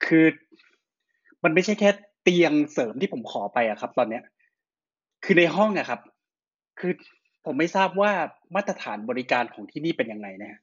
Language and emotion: Thai, frustrated